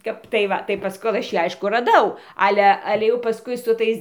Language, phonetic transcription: Lithuanian, ˈkap tai ˈva tai ˈpask ˈkol aš ˈjį ˈaišku raˈdau ˈale ˈale jau paˈskui su ˈtais

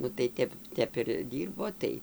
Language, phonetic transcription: Lithuanian, nu tai ˈtep ˈtep ir ˈdyrbo ˈtai

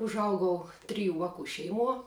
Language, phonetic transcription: Lithuanian, užˈaugau ˈtriju ˈvaku ˈšeiˌmuo

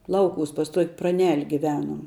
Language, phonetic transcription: Lithuanian, ˈlauˌkūs pas tuok' praˈnel' giˈvenuom

